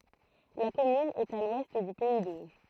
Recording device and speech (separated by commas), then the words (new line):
throat microphone, read sentence
La commune est à l'ouest du pays d'Auge.